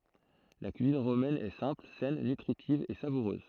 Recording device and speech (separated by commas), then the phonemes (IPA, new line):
throat microphone, read sentence
la kyizin ʁomɛn ɛ sɛ̃pl sɛn nytʁitiv e savuʁøz